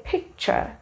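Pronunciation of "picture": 'Picture' is pronounced correctly here.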